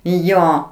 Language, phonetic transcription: Lithuanian, ˈjo

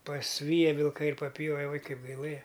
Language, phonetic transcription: Lithuanian, pasˈvyja vilˈkai ir paˈpjove ˈuoj ˈkaip gaiˈlɘja

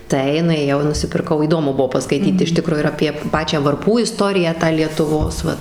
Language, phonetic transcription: Lithuanian, ˈtai nuėˈjau i nusipirˈkau įˈdomu ˈbuvo paskaiˈtyt iš ˈtikro ir apie ˈpačią varˈpų iˈstoriją tą lietuˈvos ˈvat

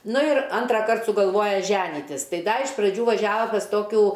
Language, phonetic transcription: Lithuanian, ˈnu ir ˈantraˌkart sugalˈvoja ˈženytis ˈtai ˈda iš praˈdžių vaˈžiava pas ˈtokių

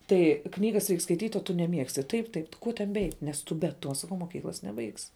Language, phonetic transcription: Lithuanian, ˈtai ˈknygas reik skaiˈtyt' o tu neˈmiegsti ˈtaip ˈtaip ˈkuo ten beˈeit' nes ˈtu be ˈtuo saˈkau moˈkyklas neˈbaigsi

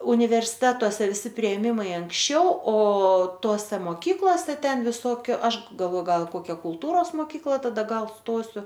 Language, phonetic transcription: Lithuanian, universiˈtetose viˈsi priėˈmimai anksˈčiau o ˈtose moˈkyklose ˈten viˈsokiu ˈaš galvo ˈgal i ˈkokia kulˈtūros moˈkykla taˈda ˈgal ˈstosiu

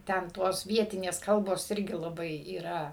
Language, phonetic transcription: Lithuanian, ˈten ˈtos ˈvietinės ˈkalbos ˈirgi laˈbai yˈra

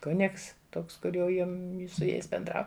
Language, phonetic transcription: Lithuanian, ˈkunigs ˈtoks ˈkur jau ˈjim su ˈjais benˈdrau

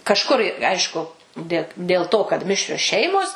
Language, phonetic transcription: Lithuanian, kažˈkur i ˈaišku dė dėl ˈto kad ˈmišrios ˈšeimos

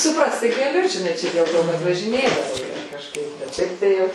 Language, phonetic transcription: Lithuanian, suˈprast tai gaˈliu žiˈnai ˈčia dėl ˈto kad važiˈnėdavo ˈjie kažˈkaip bet ˈšiaip tai ˈjau

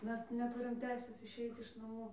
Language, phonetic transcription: Lithuanian, ˈmes neˈturim ˈteisės išˈeit iš naˈmų

